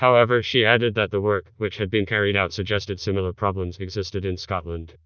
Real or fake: fake